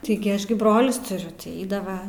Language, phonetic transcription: Lithuanian, ˈtigi ˈaš gi ˈbrolius tuˈriu ti ˈeidava

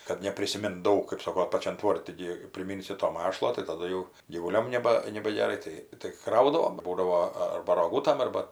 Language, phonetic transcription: Lithuanian, kad neprisiˈmint ˈdaug kɜp ˈsoko paˈčian ˈtvorti gi priˈminsi to ˈmašlo tai taˈdu jau gyvuˈliom neˈba nebageˈrai ˈtai tai ˈkraudavom ˈbūdavo arba roˈgūtam ˈarba

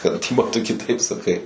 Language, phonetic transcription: Lithuanian, kad ˈtipo ˈtu kiˈtaip saˈkai

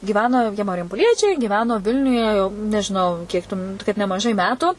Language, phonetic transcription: Lithuanian, gyˈveno jie marjampoˈliečiai giˈveno ˈvilniuje jau nežiˈnau ˈkiek tu m kad nemaˈžai ˈmetu

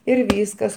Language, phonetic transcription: Lithuanian, ir ˈvyskas

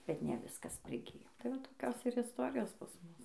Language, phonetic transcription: Lithuanian, ˈbet ne ˈviskas priˈgijo tai ˈva tai toˈkios ir isˈtorijos pas ˈmus

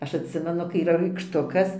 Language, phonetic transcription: Lithuanian, ˈaš atˈsimenu kai yˈra raikšˈtukas

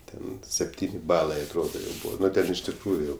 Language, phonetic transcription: Lithuanian, ˈten sepˈtyni ˈbalai atˈrodo jau ˈbūva ˈnu iš tikˈrųju jau

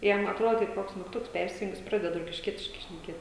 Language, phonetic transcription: Lithuanian, ˈjam atˈrod kaip ˈkoks mygˈtuks ˈpersijung ˈjis ˈpraded rokišˈkietiškai šneˈkėt

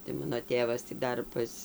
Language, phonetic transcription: Lithuanian, tai ˈmano ˈtėvas tį ˈdar pas

